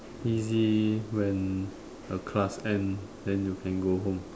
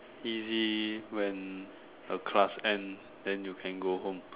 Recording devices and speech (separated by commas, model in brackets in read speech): standing microphone, telephone, conversation in separate rooms